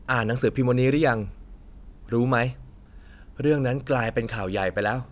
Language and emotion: Thai, neutral